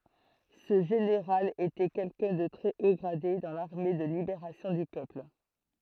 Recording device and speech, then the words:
throat microphone, read sentence
Ce général était quelqu'un de très haut gradé dans l'armée de Libération du Peuple.

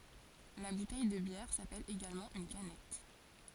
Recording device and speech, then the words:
forehead accelerometer, read sentence
La bouteille de bière s’appelle également une canette.

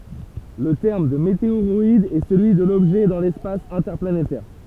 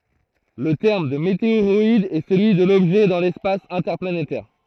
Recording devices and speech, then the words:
temple vibration pickup, throat microphone, read sentence
Le terme de météoroïde est celui de l'objet dans l’espace interplanétaire.

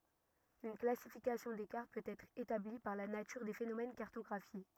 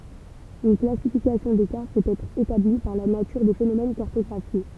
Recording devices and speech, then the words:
rigid in-ear microphone, temple vibration pickup, read sentence
Une classification des cartes peut être établie par la nature des phénomènes cartographiés.

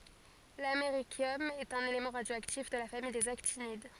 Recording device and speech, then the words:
forehead accelerometer, read sentence
L’américium est un élément radioactif de la famille des actinides.

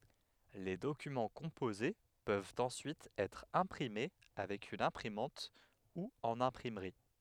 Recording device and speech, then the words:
headset microphone, read sentence
Les documents composés peuvent ensuite être imprimés avec une imprimante ou en imprimerie.

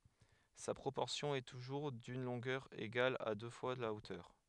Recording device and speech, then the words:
headset microphone, read sentence
Sa proportion est toujours d'une longueur égale à deux fois la hauteur.

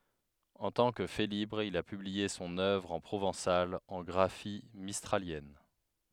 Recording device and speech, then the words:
headset microphone, read sentence
En tant que Félibre, il a publié son œuvre en provençal en graphie mistralienne.

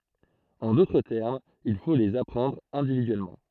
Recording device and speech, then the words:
throat microphone, read sentence
En d'autres termes, il faut les apprendre individuellement.

